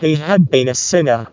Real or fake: fake